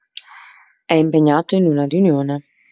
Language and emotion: Italian, neutral